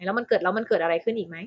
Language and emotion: Thai, neutral